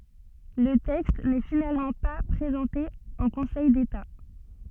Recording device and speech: soft in-ear microphone, read sentence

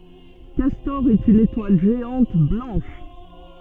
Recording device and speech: soft in-ear microphone, read sentence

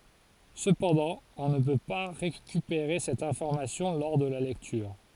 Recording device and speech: forehead accelerometer, read sentence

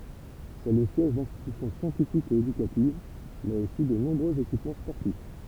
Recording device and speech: temple vibration pickup, read sentence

